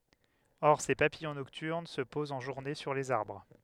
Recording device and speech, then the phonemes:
headset microphone, read sentence
ɔʁ se papijɔ̃ nɔktyʁn sə pozt ɑ̃ ʒuʁne syʁ lez aʁbʁ

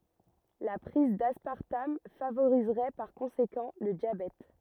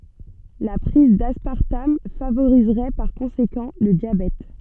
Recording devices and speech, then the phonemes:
rigid in-ear microphone, soft in-ear microphone, read sentence
la pʁiz daspaʁtam favoʁizʁɛ paʁ kɔ̃sekɑ̃ lə djabɛt

